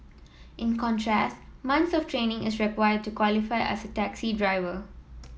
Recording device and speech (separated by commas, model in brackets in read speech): mobile phone (iPhone 7), read sentence